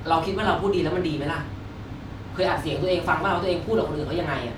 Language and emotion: Thai, angry